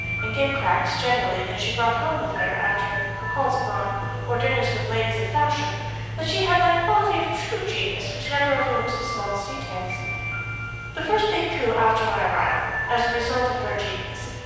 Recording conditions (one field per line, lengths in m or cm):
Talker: one person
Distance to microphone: 7.1 m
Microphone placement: far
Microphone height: 1.7 m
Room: very reverberant, large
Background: music